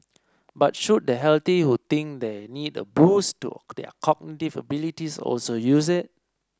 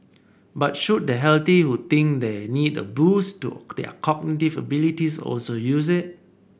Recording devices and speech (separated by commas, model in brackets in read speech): standing microphone (AKG C214), boundary microphone (BM630), read sentence